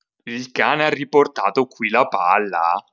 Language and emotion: Italian, surprised